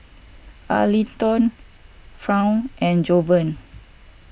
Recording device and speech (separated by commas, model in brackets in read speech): boundary microphone (BM630), read sentence